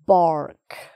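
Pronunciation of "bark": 'Bark' is said with an American accent, and the R is sounded, unlike the British way of saying it.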